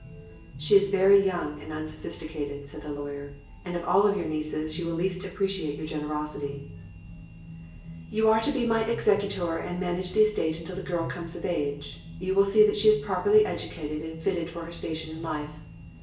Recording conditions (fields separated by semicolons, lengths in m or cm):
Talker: one person; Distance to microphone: 1.8 m; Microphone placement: close; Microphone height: 1.0 m; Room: large; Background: music